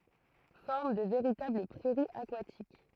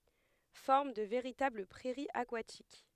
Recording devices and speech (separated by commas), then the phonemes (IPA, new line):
throat microphone, headset microphone, read sentence
fɔʁm də veʁitabl pʁɛʁiz akwatik